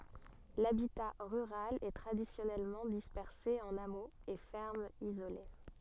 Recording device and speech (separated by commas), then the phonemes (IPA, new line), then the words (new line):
soft in-ear microphone, read sentence
labita ʁyʁal ɛ tʁadisjɔnɛlmɑ̃ dispɛʁse ɑ̃n amoz e fɛʁmz izole
L'habitat rural est traditionnellement dispersé en hameaux et fermes isolées.